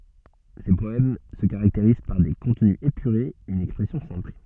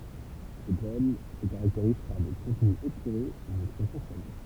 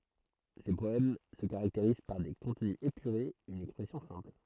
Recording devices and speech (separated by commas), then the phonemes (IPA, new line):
soft in-ear microphone, temple vibration pickup, throat microphone, read sentence
se pɔɛm sə kaʁakteʁiz paʁ de kɔ̃tny epyʁez yn ɛkspʁɛsjɔ̃ sɛ̃pl